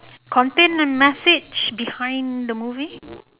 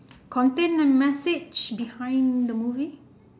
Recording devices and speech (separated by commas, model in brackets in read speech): telephone, standing microphone, conversation in separate rooms